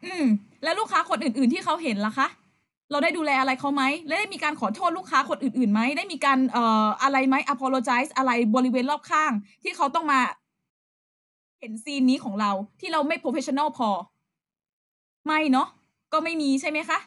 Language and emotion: Thai, frustrated